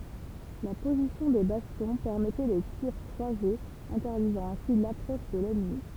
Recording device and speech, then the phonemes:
temple vibration pickup, read sentence
la pozisjɔ̃ de bastjɔ̃ pɛʁmɛtɛ le tiʁ kʁwazez ɛ̃tɛʁdizɑ̃ ɛ̃si lapʁɔʃ də lɛnmi

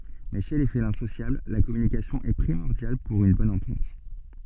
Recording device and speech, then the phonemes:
soft in-ear microphone, read sentence
mɛ ʃe le felɛ̃ sosjabl la kɔmynikasjɔ̃ ɛ pʁimɔʁdjal puʁ yn bɔn ɑ̃tɑ̃t

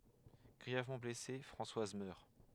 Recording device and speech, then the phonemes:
headset microphone, read sentence
ɡʁiɛvmɑ̃ blɛse fʁɑ̃swaz mœʁ

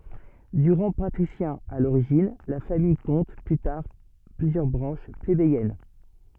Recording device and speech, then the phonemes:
soft in-ear microphone, read sentence
də ʁɑ̃ patʁisjɛ̃ a loʁiʒin la famij kɔ̃t ply taʁ plyzjœʁ bʁɑ̃ʃ plebejɛn

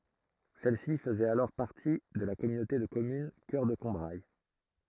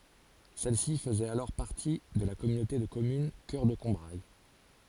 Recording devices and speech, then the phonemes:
throat microphone, forehead accelerometer, read sentence
sɛlsi fəzɛt alɔʁ paʁti də la kɔmynote də kɔmyn kœʁ də kɔ̃bʁaj

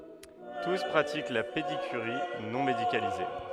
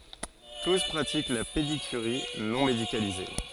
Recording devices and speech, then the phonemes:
headset microphone, forehead accelerometer, read sentence
tus pʁatik la pedikyʁi nɔ̃ medikalize

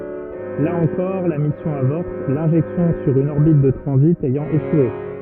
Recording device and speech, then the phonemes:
rigid in-ear microphone, read sentence
la ɑ̃kɔʁ la misjɔ̃ avɔʁt lɛ̃ʒɛksjɔ̃ syʁ yn ɔʁbit də tʁɑ̃zit ɛjɑ̃ eʃwe

